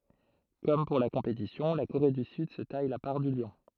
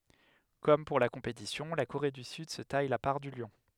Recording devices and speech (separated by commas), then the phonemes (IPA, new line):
throat microphone, headset microphone, read sentence
kɔm puʁ la kɔ̃petisjɔ̃ la koʁe dy syd sə taj la paʁ dy ljɔ̃